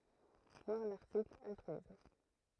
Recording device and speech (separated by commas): throat microphone, read sentence